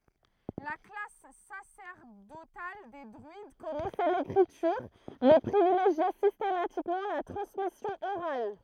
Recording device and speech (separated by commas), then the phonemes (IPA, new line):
throat microphone, read sentence
la klas sasɛʁdotal de dʁyid kɔnɛsɛ lekʁityʁ mɛ pʁivileʒjɛ sistematikmɑ̃ la tʁɑ̃smisjɔ̃ oʁal